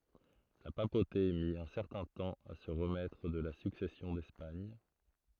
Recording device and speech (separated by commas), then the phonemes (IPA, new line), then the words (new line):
throat microphone, read sentence
la papote mi œ̃ sɛʁtɛ̃ tɑ̃ a sə ʁəmɛtʁ də la syksɛsjɔ̃ dɛspaɲ
La papauté mit un certain temps à se remettre de la Succession d'Espagne.